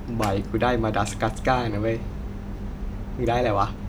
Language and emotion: Thai, happy